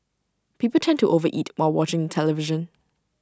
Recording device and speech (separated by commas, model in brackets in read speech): standing microphone (AKG C214), read sentence